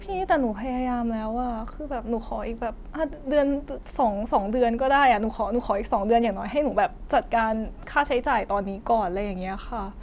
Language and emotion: Thai, sad